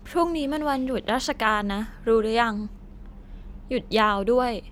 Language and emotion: Thai, frustrated